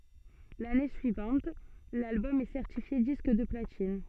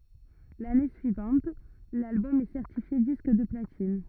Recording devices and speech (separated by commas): soft in-ear microphone, rigid in-ear microphone, read sentence